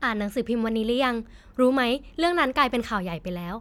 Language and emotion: Thai, happy